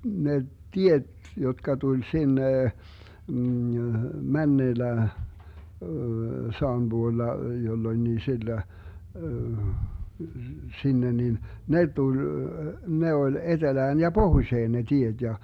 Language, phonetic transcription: Finnish, ne "tiet , jotka 'tuĺ 'sinne , 'männeellä , 'saam 'buolla , 'jollońnii 'sillö , 'sinne 'nin , 'ne tuĺ , 'ne oĺ 'etelään ja "Bohuⁱšeen ne 'tieD ja .
- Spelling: ne tiet jotka tuli sinne menneellä sadan puolella jolloinkin silloin sinne niin ne tuli ne oli etelään ja pohjoiseen ne tiet ja

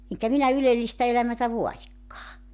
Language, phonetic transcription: Finnish, 'eŋkä 'minä 'ylellistä 'elämätä "voajikkaa .
- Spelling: enkä minä ylellistä elämää vaadikaan

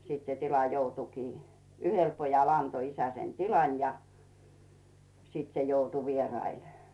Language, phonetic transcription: Finnish, 'sit se tila joutukii , "yhel 'pojal 'anto isä sen 'tilan ja , 'siit se joutu "vierail .
- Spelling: sitten se tila joutuikin yhdelle pojalle antoi isä sen tilan ja sitten se joutui vieraille

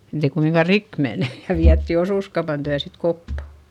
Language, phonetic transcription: Finnish, etei kumiŋka rik mene - ja viätti osùskaupan tyä sit koppa .
- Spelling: että ei kumminkaan rikki mene ja vietiin osuuskaupan tykö sitten koppa

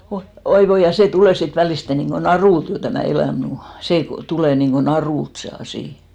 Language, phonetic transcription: Finnish, oi , 'oi 'voi , ja 'sè 'tulè sit 'väliste niŋɢo "narùlt jo tämä̀ 'elä̀m mu- , sè 'tulè niŋko "narùlt se 'asì .
- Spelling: oi oi voi ja se tulee sitten välisti niin kuin narulta jo tämä elämä - se tulee niin kuin narulta se asia

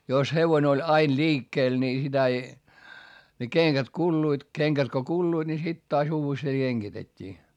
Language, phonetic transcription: Finnish, jos hevone oĺ ain liikkeel nii sitä ei , ne keŋkät kulluit , keŋkät ko kulluiD ni sit taas uuvestee keŋGitet́t́ii .
- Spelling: jos hevonen oli aina liikkeellä niin sitä ei ne kengät kuluivat kengät kun kuluivat niin sitten taas uudestaan kengitettiin

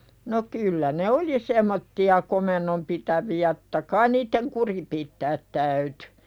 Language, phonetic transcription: Finnish, ɴo 'kyllä ne "oli semmotti₍a 'komennom pitävi₍ä [to]tta "kain niitteŋ 'kuri pittäät täyty .
- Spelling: no kyllä ne oli semmoisia komennon pitäviä totta kai niiden kuri pitää täytyi

